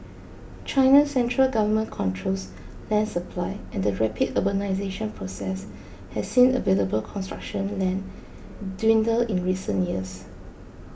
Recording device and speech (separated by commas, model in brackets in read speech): boundary microphone (BM630), read sentence